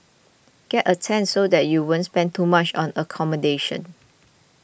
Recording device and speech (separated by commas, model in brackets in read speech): boundary microphone (BM630), read sentence